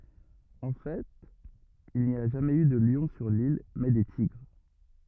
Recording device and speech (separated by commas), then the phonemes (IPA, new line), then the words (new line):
rigid in-ear microphone, read sentence
ɑ̃ fɛt il ni a ʒamɛz y də ljɔ̃ syʁ lil mɛ de tiɡʁ
En fait, il n'y a jamais eu de lion sur l'île, mais des tigres.